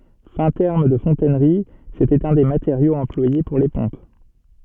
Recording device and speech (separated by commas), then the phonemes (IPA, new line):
soft in-ear microphone, read sentence
fɛ̃ tɛʁm də fɔ̃tɛnʁi setɛt œ̃ de mateʁjoz ɑ̃plwaje puʁ le pɔ̃p